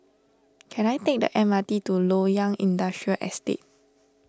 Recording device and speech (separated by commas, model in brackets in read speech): standing microphone (AKG C214), read sentence